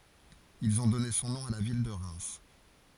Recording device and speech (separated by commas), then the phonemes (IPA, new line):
forehead accelerometer, read sentence
ilz ɔ̃ dɔne sɔ̃ nɔ̃ a la vil də ʁɛm